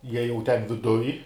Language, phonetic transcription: Lithuanian, ˈjie jau ˈten viˈduj

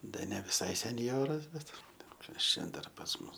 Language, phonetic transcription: Lithuanian, ˈda ne viˈsai senˈjoras ˈbet ˈbet ˈkas čia ˈdar pas ˈmus

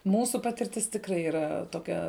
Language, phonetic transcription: Lithuanian, ˈmūsu ˈpatirtis tikˈrai yˈra toˈkia

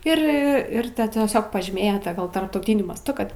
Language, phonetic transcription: Lithuanian, ir ˈir ˈta tiesiog pažyˈmėjo ˈta ˈgal tarptauˈtyniu masˈtu ˈkad

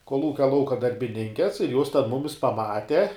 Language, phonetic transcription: Lithuanian, kolˈūkia ˈlauka darbiˈninkes ir jos ten ˈmumis paˈmate

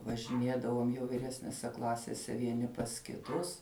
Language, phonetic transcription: Lithuanian, važiˈnėdavom jau viˈresnese ˈklasėse vieˈni pas kiˈtus

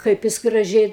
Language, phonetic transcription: Lithuanian, ˈkaip jis graˈžiai

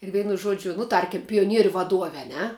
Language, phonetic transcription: Lithuanian, ir ˈveinu ˈžuodžiu nu ˈtarkim pijoˈnieriu vaˈduove a ˈne

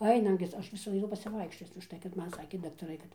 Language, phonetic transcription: Lithuanian, ˈainam gi ˈaš vis aiˈnu pasiˈvaikščioc užˈtai kad ˈman ˈsakė daktaˈrai kad

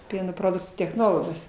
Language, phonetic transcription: Lithuanian, ˈpieno ˈproduktų techˈnologas

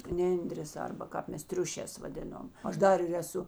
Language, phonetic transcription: Lithuanian, ˈnendrės ˈarba ˈkāp ˈmes ˈtriušēs vaˈdinom ˈaš ˈdar ir eˈsu

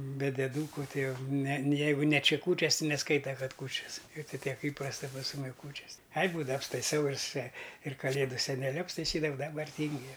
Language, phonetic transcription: Lithuanian, be deˈdūku ˈtai ˈjau ne ˈjeigu ne ˈči ˈkūčias ti neˈskaita ˈkad ˈkūčias ir tai ˈtiek ˈįprasta pas ˈmumi ˈkūčias ai ˈbūdava apstaiˈsau ir se ir kaˈlėdu seneˈliu apstaiˈsydavau daˈbar ˈtyngiu ˈjau

